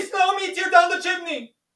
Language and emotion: English, fearful